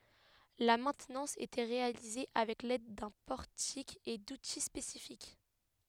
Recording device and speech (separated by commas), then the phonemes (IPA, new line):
headset microphone, read sentence
la mɛ̃tnɑ̃s etɛ ʁealize avɛk lɛd dœ̃ pɔʁtik e duti spesifik